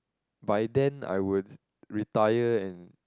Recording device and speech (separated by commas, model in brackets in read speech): close-talking microphone, conversation in the same room